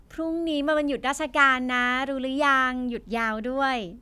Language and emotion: Thai, happy